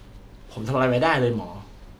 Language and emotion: Thai, frustrated